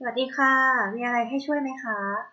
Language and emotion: Thai, neutral